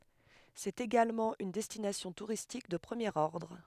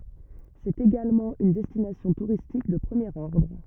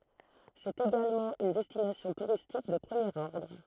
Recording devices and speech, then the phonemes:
headset microphone, rigid in-ear microphone, throat microphone, read sentence
sɛt eɡalmɑ̃ yn dɛstinasjɔ̃ tuʁistik də pʁəmjeʁ ɔʁdʁ

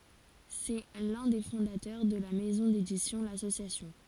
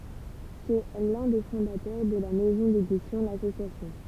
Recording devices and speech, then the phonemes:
forehead accelerometer, temple vibration pickup, read sentence
sɛ lœ̃ de fɔ̃datœʁ də la mɛzɔ̃ dedisjɔ̃ lasosjasjɔ̃

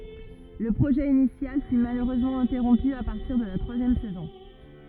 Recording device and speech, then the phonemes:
rigid in-ear microphone, read sentence
lə pʁoʒɛ inisjal fy maløʁøzmɑ̃ ɛ̃tɛʁɔ̃py a paʁtiʁ də la tʁwazjɛm sɛzɔ̃

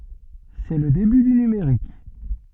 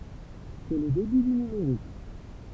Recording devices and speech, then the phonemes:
soft in-ear microphone, temple vibration pickup, read sentence
sɛ lə deby dy nymeʁik

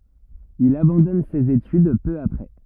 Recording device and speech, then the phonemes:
rigid in-ear microphone, read sentence
il abɑ̃dɔn sez etyd pø apʁɛ

